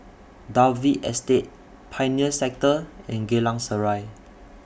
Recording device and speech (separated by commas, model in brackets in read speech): boundary microphone (BM630), read sentence